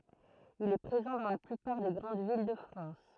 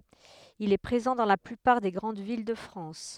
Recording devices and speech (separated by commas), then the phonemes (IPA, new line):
throat microphone, headset microphone, read sentence
il ɛ pʁezɑ̃ dɑ̃ la plypaʁ de ɡʁɑ̃d vil də fʁɑ̃s